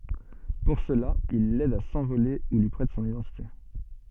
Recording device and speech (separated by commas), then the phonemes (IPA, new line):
soft in-ear microphone, read sentence
puʁ səla il lɛd a sɑ̃vole u lyi pʁɛt sɔ̃n idɑ̃tite